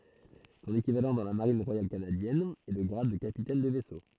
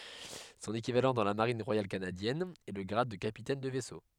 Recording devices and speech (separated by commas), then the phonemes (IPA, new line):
throat microphone, headset microphone, read sentence
sɔ̃n ekivalɑ̃ dɑ̃ la maʁin ʁwajal kanadjɛn ɛ lə ɡʁad də kapitɛn də vɛso